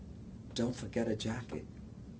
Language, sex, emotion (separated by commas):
English, male, neutral